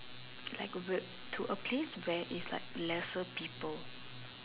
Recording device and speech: telephone, conversation in separate rooms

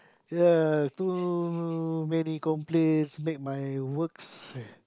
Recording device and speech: close-talking microphone, conversation in the same room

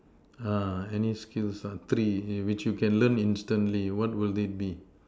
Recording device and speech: standing microphone, conversation in separate rooms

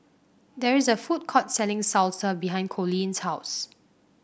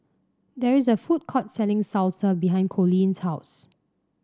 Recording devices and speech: boundary microphone (BM630), standing microphone (AKG C214), read sentence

